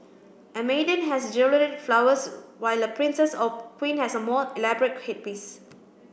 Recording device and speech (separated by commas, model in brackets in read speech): boundary microphone (BM630), read sentence